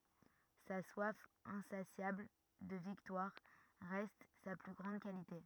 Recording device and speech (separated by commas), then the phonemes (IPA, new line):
rigid in-ear microphone, read sentence
sa swaf ɛ̃sasjabl də viktwaʁ ʁɛst sa ply ɡʁɑ̃d kalite